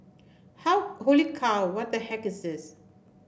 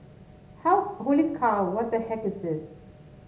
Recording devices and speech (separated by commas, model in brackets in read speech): boundary microphone (BM630), mobile phone (Samsung S8), read sentence